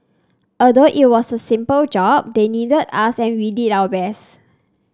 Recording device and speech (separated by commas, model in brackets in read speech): standing microphone (AKG C214), read sentence